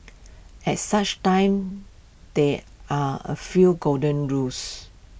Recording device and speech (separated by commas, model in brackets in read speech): boundary microphone (BM630), read sentence